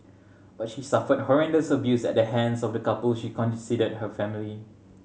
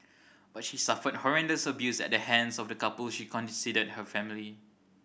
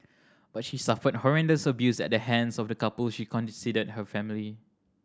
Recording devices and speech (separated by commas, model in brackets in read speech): mobile phone (Samsung C7100), boundary microphone (BM630), standing microphone (AKG C214), read sentence